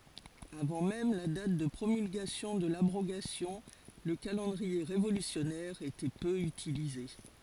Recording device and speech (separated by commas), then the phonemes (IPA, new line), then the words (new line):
forehead accelerometer, read sentence
avɑ̃ mɛm la dat də pʁomylɡasjɔ̃ də labʁoɡasjɔ̃ lə kalɑ̃dʁie ʁevolysjɔnɛʁ etɛ pø ytilize
Avant même la date de promulgation de l’abrogation, le calendrier révolutionnaire était peu utilisé.